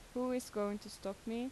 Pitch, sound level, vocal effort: 230 Hz, 83 dB SPL, normal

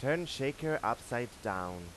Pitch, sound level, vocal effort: 125 Hz, 91 dB SPL, loud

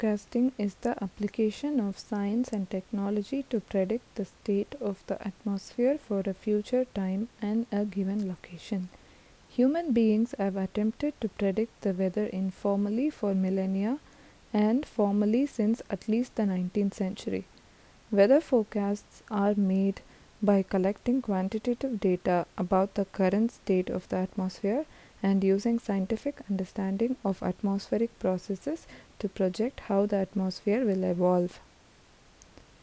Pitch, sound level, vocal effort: 205 Hz, 76 dB SPL, soft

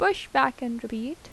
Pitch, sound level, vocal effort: 250 Hz, 83 dB SPL, normal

